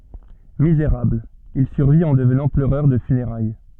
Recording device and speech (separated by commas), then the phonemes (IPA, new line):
soft in-ear microphone, read sentence
mizeʁabl il syʁvit ɑ̃ dəvnɑ̃ pløʁœʁ də fyneʁaj